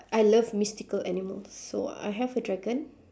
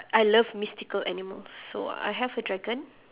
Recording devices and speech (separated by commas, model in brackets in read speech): standing microphone, telephone, conversation in separate rooms